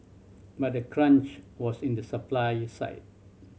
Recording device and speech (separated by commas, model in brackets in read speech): mobile phone (Samsung C7100), read sentence